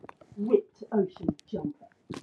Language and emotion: English, disgusted